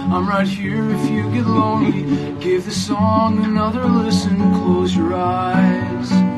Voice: in dudebro voice